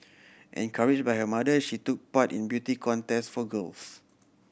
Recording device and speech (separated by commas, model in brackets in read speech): boundary microphone (BM630), read sentence